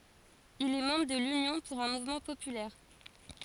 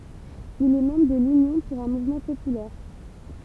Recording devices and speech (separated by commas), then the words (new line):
forehead accelerometer, temple vibration pickup, read sentence
Il est membre de l'Union pour un mouvement populaire.